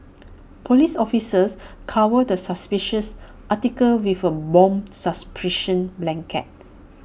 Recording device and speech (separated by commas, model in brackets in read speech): boundary microphone (BM630), read sentence